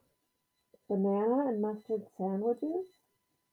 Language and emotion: English, surprised